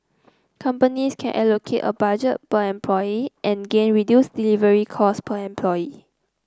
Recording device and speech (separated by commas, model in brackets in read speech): close-talking microphone (WH30), read sentence